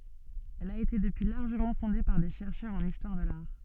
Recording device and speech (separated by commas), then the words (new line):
soft in-ear microphone, read sentence
Elle a été depuis largement fondée par des chercheurs en histoire de l'art.